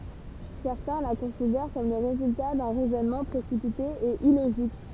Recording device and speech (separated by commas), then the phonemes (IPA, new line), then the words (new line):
temple vibration pickup, read sentence
sɛʁtɛ̃ la kɔ̃sidɛʁ kɔm lə ʁezylta dœ̃ ʁɛzɔnmɑ̃ pʁesipite e iloʒik
Certains la considèrent comme le résultat d'un raisonnement précipité et illogique.